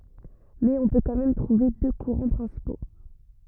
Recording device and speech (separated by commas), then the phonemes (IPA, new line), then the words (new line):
rigid in-ear microphone, read sentence
mɛz ɔ̃ pø kɑ̃ mɛm tʁuve dø kuʁɑ̃ pʁɛ̃sipo
Mais on peut quand même trouver deux courants principaux.